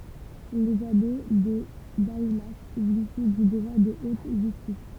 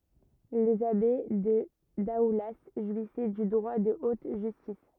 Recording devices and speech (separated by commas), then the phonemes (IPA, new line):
temple vibration pickup, rigid in-ear microphone, read sentence
lez abe də daula ʒwisɛ dy dʁwa də ot ʒystis